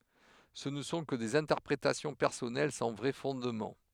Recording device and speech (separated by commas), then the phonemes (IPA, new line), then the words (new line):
headset microphone, read sentence
sə nə sɔ̃ kə dez ɛ̃tɛʁpʁetasjɔ̃ pɛʁsɔnɛl sɑ̃ vʁɛ fɔ̃dmɑ̃
Ce ne sont que des interprétations personnelles sans vrai fondement.